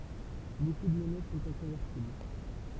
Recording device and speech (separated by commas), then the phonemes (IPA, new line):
temple vibration pickup, read sentence
boku də mɔnɛ sɔ̃t ɛ̃kɔ̃vɛʁtibl